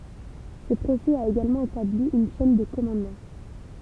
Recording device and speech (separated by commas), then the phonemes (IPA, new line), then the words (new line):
temple vibration pickup, read sentence
sə pʁosɛ a eɡalmɑ̃ etabli yn ʃɛn də kɔmɑ̃dmɑ̃
Ce procès a également établi une chaîne de commandement.